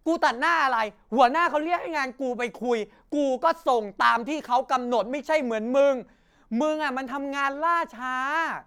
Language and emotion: Thai, angry